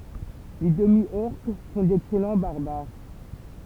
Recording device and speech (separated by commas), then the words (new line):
temple vibration pickup, read sentence
Les Demi-Orques font d'excellent Barbares.